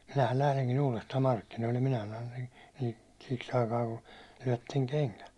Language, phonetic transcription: Finnish, » minähän 'lähleŋkin uulestaam 'markkinoillen « minä sanon̬ , » siks ‿aikaa ku , lyäₒtteŋ 'keŋkät . «
- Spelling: minähän lähdenkin uudestaan markkinoille minä sanoin siksi aikaa kun lyötte kengät

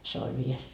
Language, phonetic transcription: Finnish, se oĺ 'viel .
- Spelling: se oli vielä

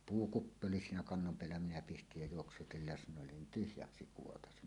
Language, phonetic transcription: Finnish, puukuppi 'oli siinä "kannom 'peällä minä pistij jä 'juoksutil 'lesǹòellen nin "tyhjäksi 'kuotasi .
- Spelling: puukuppi oli siinä kannon päällä minä pistin ja juoksutin lesnoille niin tyhjäksi kuoraisi

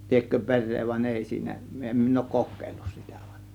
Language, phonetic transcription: Finnish, liekkö "pe̬r̆ree vań 'èi siinä , 'em min ‿òŭk "kok̆kéillus sItÄ VAN .
- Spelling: liekö perää vaan ei siinä en minä ole kokeillut sitä vaan

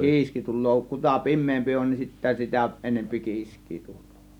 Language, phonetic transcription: Finnish, kiiski 'tul̆loo , 'kuta "pim̆meempi 'on nin sittä 'sitä 'enempi "kiisk̆kII 'tULLOO .
- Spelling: kiiski tulee kuta pimeämpi on niin sitten sitä enemmän kiiskeä tulee

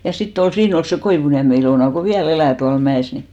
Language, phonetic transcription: Finnish, ja 'sit't ‿ol , 'siin ‿ol se 'Koivuniäme Ilòna ko "viä'l ‿elä̀ tual 'mä₍ès ni .
- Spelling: ja sitten oli siinä oli se Koivuniemen Ilona kun vielä elää tuolla mäessä niin

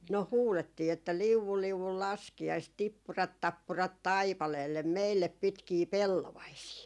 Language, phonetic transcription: Finnish, no "huulettii että » 'liuvul 'liuvul "laski₍aist , 'tippurat 'tappurat "taipaleellem 'meillep 'pitkii "pellovaisii » .
- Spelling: no huudettiin että liu'u liu'u laskiaista tippurat tappurat taipaleelle meille pitkiä pellovaisia

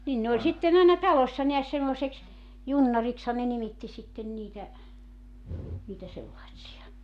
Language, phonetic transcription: Finnish, nin ne oĺ 'sitten ‿àena "talośsa neäs semmoseks , 'junnarikshan ne 'nimitti sitten 'niitä , niitä 'sellaitsi₍a .
- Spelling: niin ne oli sitten aina talossa näet semmoiseksi junnariksihan ne nimitti sitten niitä niitä sellaisia

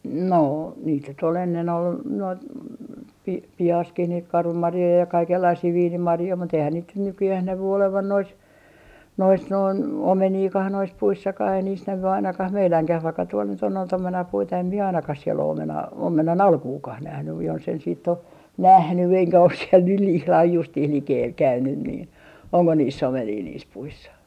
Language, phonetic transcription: Finnish, 'noo , niit nyt ‿ol ennen ‿ol , noit , pi - 'pihaskih niit "karvamarjoi ja 'kaikellaisii "viinimarjoi mut eihän niit nyt 'nykyjäh 'nävy 'olevan nois , nois noin , "omeniikah nois 'puissakah ei niis 'nävy 'ainakah "meiläŋkäh vaikka tuol nyt ‿on noit 'omenapuita em mie 'ainakah siel ‿o 'omenaa , 'omenan₍"alkuukah nähnyj jonsen siitt ‿o , "nähny eŋkä os siel nyh 'ihlah 'justiih 'likeel 'käynyn nii , oŋko niis's ‿omenii niis puissa .
- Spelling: noo niitä nyt oli ennen oli noita - pihassakin niitä karvamarjoja ja kaikenlaisia viinimarjoja mutta eihän niitä nyt nykyään näy olevan noissa noissa noin omeniakaan noissa puissakaan ei niissä näy ainakaan meidänkään vaikka tuolla nyt on noita omenapuita en minä ainakaan siellä ole omenaa omenanalkuakaan nähnyt jos en sitten ole nähnyt enkä ole siellä nyt ihan justiin likellä käynyt niin onko niissä omenia niissä puissa

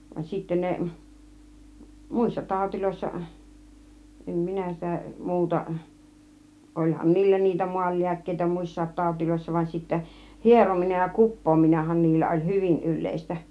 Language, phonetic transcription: Finnish, van sittä 'ne , "mùissa 'tàutiloissa , 'em "minä sitä 'muuta , 'oĺhan "niillä niitä 'mualliäkkeitä "mùis̀saat 'tàutiloissa va sittä , "hierominej ja "kuppoominehan 'niillä oĺ "hyvin 'yl̆lèistä .
- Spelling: vaan sitten ne muissa taudeissa en minä sitä muuta olihan niillä niitä maanlääkkeitä muissakin taudeissa vaan sitten hierominen ja kuppaaminenhan niillä oli hyvin yleistä

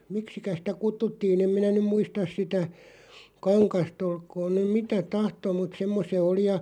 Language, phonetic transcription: Finnish, miksikä sⁱtä 'kuttuttii'n ‿em minä nym "muistas 'sitä , "kaŋkas't ‿olkoon nym "mitä 'tahtoo mut 'semmo[nen] se 'oli ja ,.
- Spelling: miksikä sitä kutsuttiin en minä nyt muista sitä kangasta olkoon nyt mitä tahtoo mutta semmoinen se oli ja

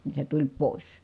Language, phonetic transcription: Finnish, ni se tuĺ pòis .
- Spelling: niin se tuli pois

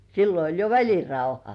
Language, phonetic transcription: Finnish, 'sillo oĺ jo "väĺi̳§rauha .
- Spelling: silloin oli jo välirauha

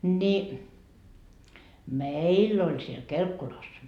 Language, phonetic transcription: Finnish, ni , "meill ‿oĺ siel "Kelkkulas .
- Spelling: niin meillä oli siellä Kelkkulassa

